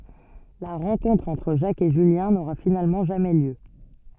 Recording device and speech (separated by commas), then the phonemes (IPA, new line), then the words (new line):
soft in-ear microphone, read sentence
la ʁɑ̃kɔ̃tʁ ɑ̃tʁ ʒak e ʒyljɛ̃ noʁa finalmɑ̃ ʒamɛ ljø
La rencontre entre Jacques et Julien n'aura finalement jamais lieu.